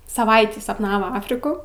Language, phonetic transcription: Lithuanian, saˈvaitį sapˈnavo ˈafriku

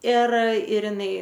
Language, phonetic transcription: Lithuanian, ir ir iˈnai

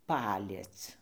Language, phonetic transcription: Lithuanian, ˈpaliec

